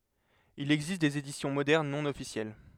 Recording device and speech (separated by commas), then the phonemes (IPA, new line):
headset microphone, read sentence
il ɛɡzist dez edisjɔ̃ modɛʁn nɔ̃ ɔfisjɛl